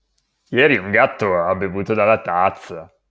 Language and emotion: Italian, disgusted